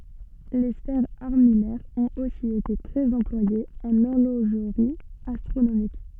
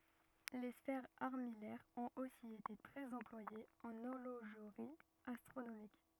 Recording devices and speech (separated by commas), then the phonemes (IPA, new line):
soft in-ear microphone, rigid in-ear microphone, read sentence
le sfɛʁz aʁmijɛʁz ɔ̃t osi ete tʁɛz ɑ̃plwajez ɑ̃n ɔʁloʒʁi astʁonomik